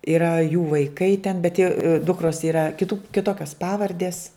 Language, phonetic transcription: Lithuanian, iˈra jų vaiˈkai ten bet jau ˈdukros yˈra kiˈtu kiˈtokios ˈpavardės

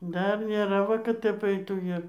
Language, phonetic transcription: Lithuanian, ˈdar nėˈra ˈva kad ˈtep ˈaitų ir

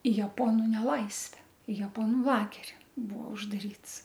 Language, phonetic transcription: Lithuanian, i jaˈponu neˈlaisve i jaˈponu ˈlageri ˈbuo uždaˈryts

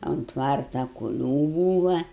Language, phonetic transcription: Lithuanian, ont ˈtvarta kuˈlių ˈbūva

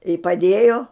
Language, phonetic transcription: Lithuanian, i paˈdėjo

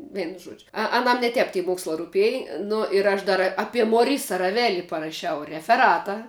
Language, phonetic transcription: Lithuanian, ˈvienu ˈžuodžiu a aˈnam ne ˈtep ti ˈmokslā ruˈpėj ˈnu ir aš ˈdar apie moˈrisa raˈveli paraˈšiau refeˈrata

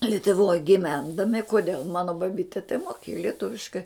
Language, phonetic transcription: Lithuanian, lituˈvoj giˈvendami koˈdėl ˈmano baˈbite tai moˈkėju lieˈtuviškai

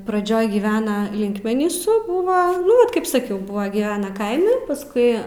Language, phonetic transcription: Lithuanian, praˈdžioj gyˈvena ˈlinkmenysu ˈbuva ˈnu ˈvat kaip saˈkiau ˈbuva gyˈvena ˈkaime paˈskui

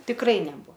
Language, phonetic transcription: Lithuanian, tikˈrai neˈbu

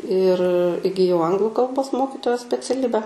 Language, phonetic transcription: Lithuanian, ir igiˈjau ˈanglu kalˈbos ˈmokitojos speciaˈlibe

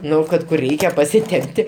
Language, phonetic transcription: Lithuanian, ˈnu ˈkad kur ˈreikia pasiˈtempti

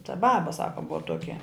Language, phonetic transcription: Lithuanian, ta ˈbaba ˈsaka ˈbua ˈtuokia

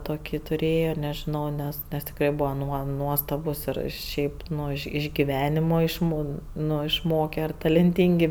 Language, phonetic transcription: Lithuanian, toˈkį tuˈrėjo nežiˈnau ˈnes nes tikˈrai ˈbuvo ˈnuo ˈnuostabus ir ˈšiaip ˈnu iš giˈvenimo išˈmo ˈnu išˈmoke ar talenˈtyngi

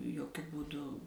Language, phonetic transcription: Lithuanian, joˈkiu būˈdu

